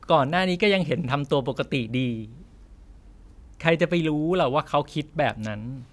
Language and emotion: Thai, frustrated